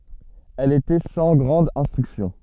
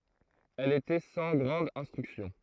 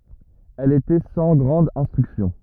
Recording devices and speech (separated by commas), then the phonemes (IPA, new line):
soft in-ear microphone, throat microphone, rigid in-ear microphone, read sentence
ɛl etɛ sɑ̃ ɡʁɑ̃d ɛ̃stʁyksjɔ̃